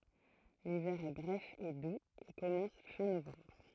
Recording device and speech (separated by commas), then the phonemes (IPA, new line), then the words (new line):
throat microphone, read sentence
livɛʁ ɛ bʁɛf e duz e kɔmɑ̃s fɛ̃ novɑ̃bʁ
L'hiver est bref et doux et commence fin novembre.